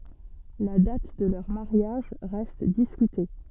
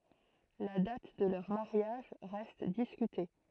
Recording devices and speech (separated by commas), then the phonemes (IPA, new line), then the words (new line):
soft in-ear microphone, throat microphone, read sentence
la dat də lœʁ maʁjaʒ ʁɛst diskyte
La date de leur mariage reste discutée.